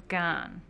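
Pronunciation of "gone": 'Gone' is said in a Minnesota accent, with the ah sound moved more forward.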